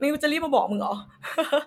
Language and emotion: Thai, happy